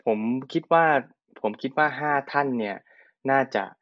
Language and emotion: Thai, neutral